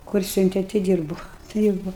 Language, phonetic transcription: Lithuanian, kur ˈsiunte ti ˈdyrbu ˈdyrbu

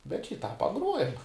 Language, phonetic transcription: Lithuanian, bet šį tą paˈgruojam

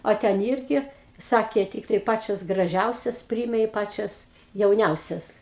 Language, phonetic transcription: Lithuanian, o ˈten ˈirgi ˈsakė ˈtyktai ˈpačias graˈžiausias ˈpryėme i ˈpačias jauˈniausias

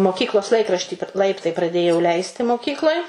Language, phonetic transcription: Lithuanian, moˈkyklos ˈlaikraštį p ˈlaiptai praˈdėjau ˈleisti moˈkykloj

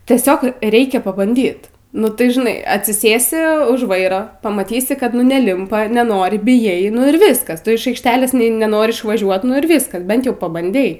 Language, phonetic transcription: Lithuanian, tieˈsiog ˈreikia pabanˈdyt nu ˈtai žiˈnai atsiˈsėsi už ˈvairo pamaˈtysi ˈkad nu neˈlimpa neˈnori bijˈai nu ir ˈviskas ˈtu iš ˈaikšˈtelės ˈne neˈnori išvaˈžiuot ˈnu ir ˈvyskas ˈbent ˈjau pabanˈdei

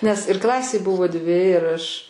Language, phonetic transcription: Lithuanian, nes ir ˈklasėj ˈbuvo ˈdvi ir ˈaš

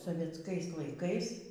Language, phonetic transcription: Lithuanian, sovietsˈkais laiˈkais

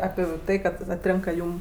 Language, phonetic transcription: Lithuanian, ˈapi ˈtai kad atˈrėnka ˈjūm

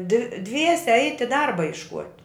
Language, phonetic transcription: Lithuanian, dv ˈdviese ˈeiti ˈdarba jišˈkuot'

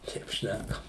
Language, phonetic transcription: Lithuanian, ˈteip ˈšnækam

